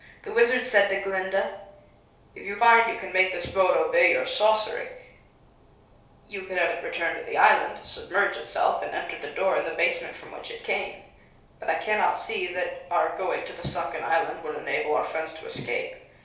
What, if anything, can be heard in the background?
Nothing.